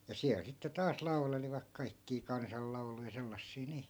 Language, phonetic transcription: Finnish, ja 'siäl sitte taas 'laulelivak 'kaikkii "kansal'lau̬luja 'sellassii nii .
- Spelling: ja siellä sitten taas laulelivat kaikkia kansanlauluja sellaisia niin

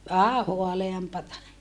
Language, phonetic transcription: Finnish, vähä hoaleampata .
- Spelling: vähän haaleampaa

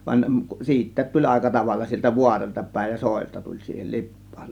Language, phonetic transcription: Finnish, van 'siit̆täät tuĺ 'àeka 'tavalla sieltä 'vuaroĺta 'pä̀ėj ja "sòėlta tuĺ 'siihel "Lip̆pAAN .
- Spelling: vaan siitäkin tuli aika tavalla sieltä vaaroilta päin ja soilta tuli siihen Lippaan

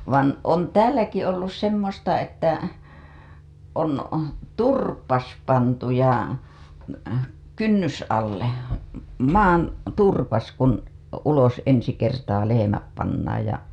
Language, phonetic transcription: Finnish, van on "tääläki ollus semmosta että , on , "turpas pantu ja , "kynnys‿alle , 'maan , 'turpas kun , ulos ensi kertaa lehemäp pannaaj ja .
- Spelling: vaan on täälläkin ollut semmoista että on turpa pantu ja kynnysalle maan turpa kun ulos ensi kertaa lehmät pannaan ja

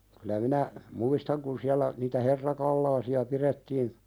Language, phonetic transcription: Finnish, kylä minä , "muistaŋ kun siällä , niitä "herrakallaasi₍a 'piðettiin ,.
- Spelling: kyllä minä muistan kun siellä niitä herrakalaasia pidettiin

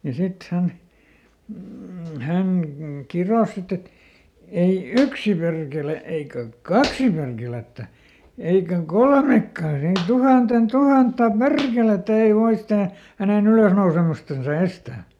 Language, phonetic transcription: Finnish, ja ˈsit ˈhän , m̥ , ˈhäŋ "kiròs ˈsit ‿et , » ei "yksi perkele eikä , "kaksi perkelettä , ˈeikäŋ "kolmekkàn ‿ei "tuhanten "tuhatta "perkelettä ei ˈvoi stää , häneˈn ‿ylösnousemustansa ˈestä̀ » .
- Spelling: ja sitten hän mm hän kirosi sitten että ei yksi perkele eikä kaksi perkelettä eikä kolmekaan ei tuhannen tuhatta perkelettä ei voi sitä hänen ylösnousemustansa estää

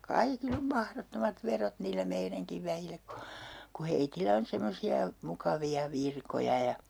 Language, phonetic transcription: Finnish, "kaikil ‿om "mahrottomat 'verot niillä 'meiräŋkiv 'väjillä ku , ku 'heitilä on 'semmosi₍a , 'mukavi₍a "virkoja ja , .
- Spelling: kaikilla on mahdottomat verot niillä meidänkin väillä kun kun heillä on semmoisia mukavia virkoja ja

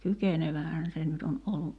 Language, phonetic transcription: Finnish, 'kykenevähän se nyt on ollu ,.
- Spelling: kykenevähän se nyt on ollut

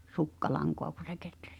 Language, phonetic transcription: Finnish, sukkalaŋkoa ku se 'ketrᴀ̈s .
- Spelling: sukkalankaa kun se kehräsi

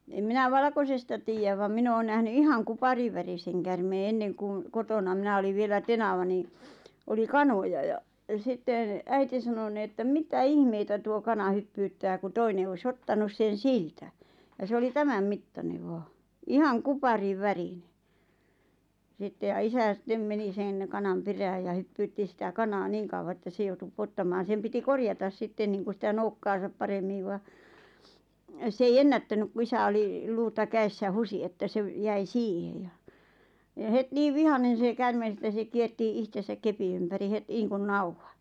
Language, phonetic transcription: Finnish, em minä "valᵃkosesta tiijäv vam 'min ‿oon nähny 'ihaŋ 'kupariwäriseŋ kärmee 'enneŋ kuŋ , "kotona 'minä oliv vielä 'tenava nì , 'oli "kanoja ja , ja 'sitteⁿ , 'äiti sano ni että » "mitä "ihmeitä tuo 'kana 'hyppyyttää « ku 'toine , oi"s ‿ottanus 'sen̬ "siltä , ja 'se oli "tämäm 'mittaneᵛ 'vaa , "ihaŋ "kupariv"värine , sitte ja 'isä sⁱttem 'meni 'sen , 'kanam 'perääj ja 'hyppyytti sⁱtä "kanaa 'niiŋ kauwa ᵉttä 'se joutu 'pŭottamaan̬ sem piti 'korjatas 'sitten niiŋku sⁱtä 'noukkaasap "paremmiv va , s ‿ei "ennättänyk ku 'isä oli , 'luuta 'käessä 'husi että 'se ‿v- 'jäi "siihe ja , ja 'het 'niiv "vihanen̬ se 'kärmes ᵉttä se 'kierti '’ihtesäk "kepi ympäri 'het [n]iiŋkun "nauhᴀ .
- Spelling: en minä valkoisesta tiedä vaan minä olen nähnyt ihan kuparinvärisen käärmeen ennen kun kotona minä olin vielä tenava niin oli kanoja ja ja sitten äiti sanoi niin että mitä ihmeitä tuo kana hyppyyttää kun toinen olisi ottanut sen siltä ja se oli tämän mittainen vain ihan kuparinvärinen sitten ja isä sitten meni sen kanan perään ja hyppyytti sitä kanaa niin kauan että se joutui pudottamaan sen piti korjata sitten niin kuin sitä nokkaansa paremmin vaan se ei ennättänyt kun isä oli luuta kädessä huusi että se - jäi siihen ja ja heti niin vihainen se käärme että se kiersi itsensä kepin ympäri heti niin kuin nauhan

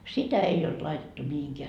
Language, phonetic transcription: Finnish, "sitä 'ei olt 'laitettu 'mihiŋkeä .
- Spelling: sitä ei ollut laitettu mihinkään

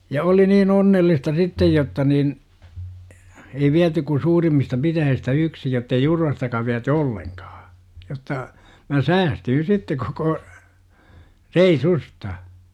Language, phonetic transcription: Finnish, ja 'oli niin "onnellista 'sittej jotta nin , ei 'viäty ku 'suurimmista 'pitäjihistä "yksi jottei "Jurvastaka viäty "olleŋkAA , jotta , mä "säästyyn̬ 'sitte koko , 'rei"susta .
- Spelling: ja oli niin onnellista sitten jotta niin ei viety kuin suurimmista pitäjistä yksi jotta ei Jurvastakaan viety ollenkaan jotta minä säästyin sitten koko reissusta

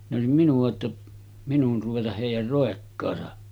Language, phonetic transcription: Finnish, ne òesim 'minu₍a ‿tta , minun̳§ ruvetaʰ 'hèij̆jär 'ròekkaasa .
- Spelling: ne olisi minua jotta minun ruveta heidän roikkaansa

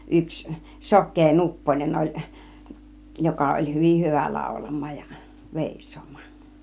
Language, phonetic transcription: Finnish, 'yks , "sok̆kee "Nupponen oĺ , 'joka oĺ "hyvih 'hyvä 'làulam̆maaj ja 'vèis̆soom̆mAAN .
- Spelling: yksi sokea Nupponen oli joka oli hyvin hyvä laulamaan ja veisaamaan

